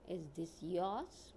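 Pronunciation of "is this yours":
The voice rises at the end, on 'yours'.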